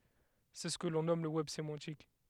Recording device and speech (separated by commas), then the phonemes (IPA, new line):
headset microphone, read sentence
sɛ sə kə lɔ̃ nɔm lə wɛb semɑ̃tik